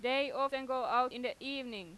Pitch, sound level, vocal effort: 260 Hz, 95 dB SPL, very loud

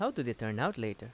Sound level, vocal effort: 84 dB SPL, normal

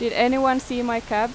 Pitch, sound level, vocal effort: 235 Hz, 90 dB SPL, loud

